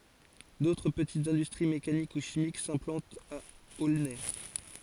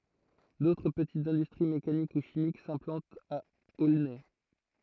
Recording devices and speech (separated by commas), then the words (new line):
forehead accelerometer, throat microphone, read sentence
D’autres petites industries mécaniques ou chimiques s’implantent à Aulnay.